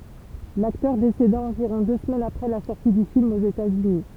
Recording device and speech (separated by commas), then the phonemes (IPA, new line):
temple vibration pickup, read sentence
laktœʁ deseda ɑ̃viʁɔ̃ dø səmɛnz apʁɛ la sɔʁti dy film oz etatsyni